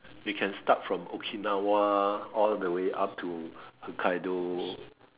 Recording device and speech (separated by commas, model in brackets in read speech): telephone, conversation in separate rooms